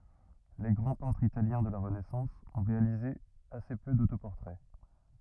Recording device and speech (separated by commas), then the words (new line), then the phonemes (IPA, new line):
rigid in-ear microphone, read sentence
Les grands peintres italiens de la Renaissance ont réalisé assez peu d’autoportraits.
le ɡʁɑ̃ pɛ̃tʁz italjɛ̃ də la ʁənɛsɑ̃s ɔ̃ ʁealize ase pø dotopɔʁtʁɛ